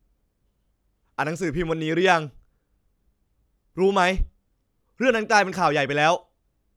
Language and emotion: Thai, frustrated